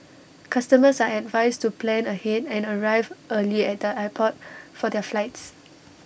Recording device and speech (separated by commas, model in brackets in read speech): boundary microphone (BM630), read sentence